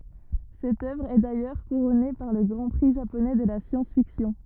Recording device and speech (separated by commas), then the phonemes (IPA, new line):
rigid in-ear microphone, read sentence
sɛt œvʁ ɛ dajœʁ kuʁɔne paʁ lə ɡʁɑ̃ pʁi ʒaponɛ də la sjɑ̃sfiksjɔ̃